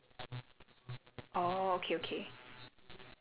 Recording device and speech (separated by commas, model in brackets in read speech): telephone, conversation in separate rooms